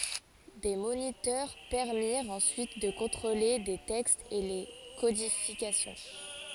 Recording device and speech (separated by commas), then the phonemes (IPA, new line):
forehead accelerometer, read sentence
de monitœʁ pɛʁmiʁt ɑ̃syit də kɔ̃tʁole le tɛkstz e le kodifikasjɔ̃